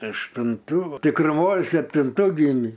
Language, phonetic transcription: Lithuanian, aštunˈtų tikruˈmoj septinˈtų giˈmį

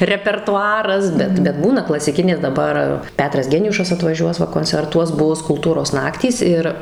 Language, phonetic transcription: Lithuanian, repertuˈaras ˈbet bet ˈbūna klasiˈkinė daˈbar ˈpetras ˈgeniušas atvaˈžiuos ˈva koncerˈtuos ˈbus kulˈtūros ˈnaktys ˈir

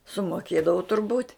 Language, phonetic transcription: Lithuanian, sumoˈkėdavu turˈbūt'

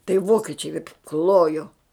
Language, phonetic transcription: Lithuanian, tai ˈvokičiai ˈklojo

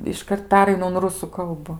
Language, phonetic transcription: Lithuanian, išˈkart ˈperainu un ˈrusu ˈkalbu

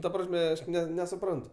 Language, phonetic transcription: Lithuanian, ta ˈprasme ˈaš nesuˈprantu

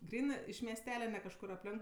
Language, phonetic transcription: Lithuanian, ˈgrynɜ iš miesˈtele ne kažˈkur apˈlenk

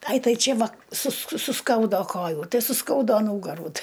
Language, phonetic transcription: Lithuanian, ˈai ˈtai ˈčė ˈva susk suˈskaudo ˈkojų ˈtai suˈskaudo ˈnūgarų ˈti

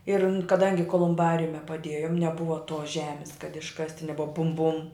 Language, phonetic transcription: Lithuanian, ir n kaˈdangi kolumˈbariume paˈdėjum neˈbuva tos ˈžemis kad išˈkasti neˈbuva bum bum

